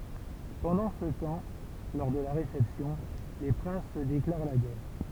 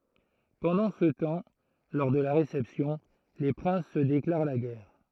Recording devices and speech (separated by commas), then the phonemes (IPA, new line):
temple vibration pickup, throat microphone, read sentence
pɑ̃dɑ̃ sə tɑ̃ lɔʁ də la ʁesɛpsjɔ̃ le pʁɛ̃s sə deklaʁ la ɡɛʁ